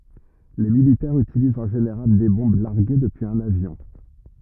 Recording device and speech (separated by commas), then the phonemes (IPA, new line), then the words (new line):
rigid in-ear microphone, read sentence
le militɛʁz ytilizt ɑ̃ ʒeneʁal de bɔ̃b laʁɡe dəpyiz œ̃n avjɔ̃
Les militaires utilisent en général des bombes larguées depuis un avion.